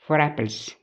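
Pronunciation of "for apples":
In 'for apples', the r sound at the end of 'for' links to the vowel at the start of 'apples'.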